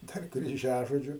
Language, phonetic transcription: Lithuanian, ˈdar kryˈžiažodžiu

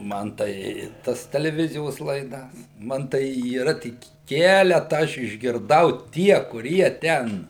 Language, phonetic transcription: Lithuanian, ˈman tai ˈtas teleˈvizijos laiˈdas ˈman tai yˈra ˈtik ˈkeleta ˈaš išgirˈdau ˈtie kuˈrie ˈten

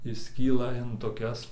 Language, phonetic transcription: Lithuanian, išˈskyla in toˈkias

